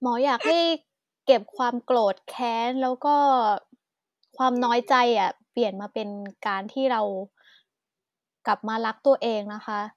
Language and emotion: Thai, neutral